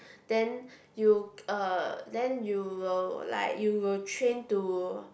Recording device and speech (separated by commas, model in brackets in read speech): boundary microphone, conversation in the same room